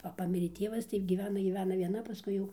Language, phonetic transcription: Lithuanian, ˈva ˈpamirė ˈtievas tai gyˈvena gyˈvena vieˈna paˈskui jau

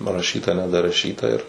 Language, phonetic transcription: Lithuanian, paraˈšyta nedaraˈšyta ir

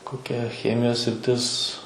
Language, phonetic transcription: Lithuanian, koˈkia ˈchemijos sriˈtis

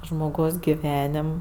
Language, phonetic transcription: Lithuanian, žmoˈgaus giˈvenim

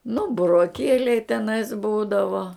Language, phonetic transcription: Lithuanian, nu buroˈkieliai teˈnais ˈbūdavo

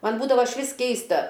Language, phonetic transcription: Lithuanian, ˈman ˈbūdavo išˈvis ˈkeista

